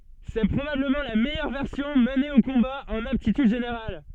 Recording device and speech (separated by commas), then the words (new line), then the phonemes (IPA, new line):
soft in-ear microphone, read sentence
C’est probablement la meilleure version menée au combat en aptitudes générales.
sɛ pʁobabləmɑ̃ la mɛjœʁ vɛʁsjɔ̃ məne o kɔ̃ba ɑ̃n aptityd ʒeneʁal